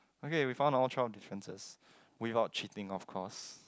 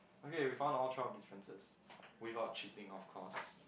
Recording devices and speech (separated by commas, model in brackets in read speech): close-talking microphone, boundary microphone, conversation in the same room